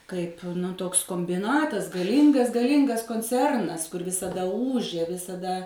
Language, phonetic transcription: Lithuanian, ˈkaip ˈtoks kombiˈnatas gaˈlyngas gaˈlyngas konˈcernas kur visaˈda ˈūžė visaˈda

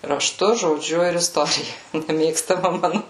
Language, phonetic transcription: Lithuanian, raˈštu žoˈdžiu ir isˈtorija neˈmėgstama ˈmanu

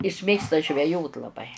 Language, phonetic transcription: Lithuanian, is ˈmėgsta žveˈjot laˈbai

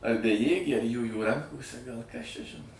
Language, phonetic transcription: Lithuanian, ar beˈjėgė ar ˈjųjų ˈrankose gal kas čia ˈžino

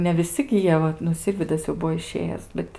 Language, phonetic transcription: Lithuanian, ne viˈsi gi ˈjie vat nu ˈsirvydas jau ˈbuvo iˈšėjęs ˈbet

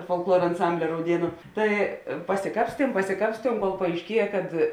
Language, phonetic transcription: Lithuanian, folkˈluor anˈsambli rauˈdienu ˈtai pasiˈkapstiem pasiˈkapstiem kol paaišˈkieja kad

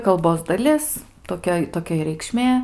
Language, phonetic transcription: Lithuanian, kalˈbos daˈlis toˈkia toˈkia i reikˈšmė

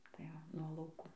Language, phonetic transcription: Lithuanian, tai ˈva nuo lauˈkų

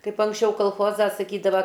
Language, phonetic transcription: Lithuanian, kaip anksˈčiau kalˈchoza saˈkydava

